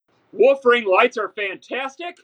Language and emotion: English, surprised